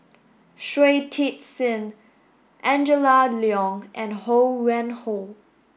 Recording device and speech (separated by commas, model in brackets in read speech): boundary microphone (BM630), read sentence